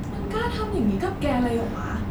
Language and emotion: Thai, frustrated